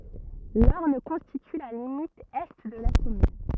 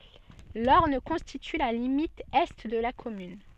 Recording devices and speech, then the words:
rigid in-ear microphone, soft in-ear microphone, read sentence
L'Orne constitue la limite est de la commune.

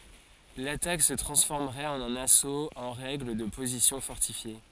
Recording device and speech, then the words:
forehead accelerometer, read sentence
L'attaque se transformerait en un assaut en règle de positions fortifiées.

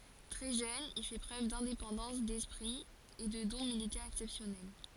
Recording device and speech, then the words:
forehead accelerometer, read sentence
Très jeune, il fait preuve d'indépendance d'esprit et de dons militaires exceptionnels.

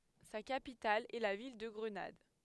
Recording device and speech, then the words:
headset microphone, read sentence
Sa capitale est la ville de Grenade.

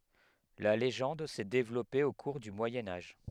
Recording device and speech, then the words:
headset microphone, read sentence
La légende s'est développée au cours du Moyen Âge.

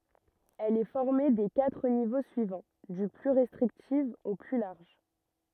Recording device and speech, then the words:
rigid in-ear microphone, read sentence
Elle est formée des quatre niveaux suivants, du plus restrictif au plus large.

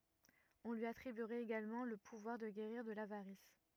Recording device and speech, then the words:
rigid in-ear microphone, read sentence
On lui attribuerait également le pouvoir de guérir de l'avarice.

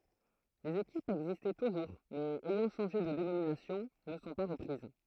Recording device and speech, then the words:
throat microphone, read sentence
Les équipes existant toujours mais ayant changé de dénomination ne sont pas reprises.

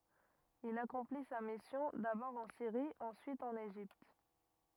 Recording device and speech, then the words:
rigid in-ear microphone, read sentence
Il accomplit sa mission, d'abord en Syrie, ensuite en Égypte.

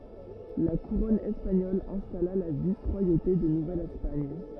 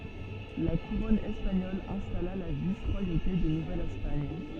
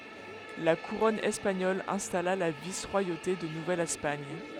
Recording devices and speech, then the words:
rigid in-ear microphone, soft in-ear microphone, headset microphone, read sentence
La couronne espagnole installa la vice-royauté de Nouvelle-Espagne.

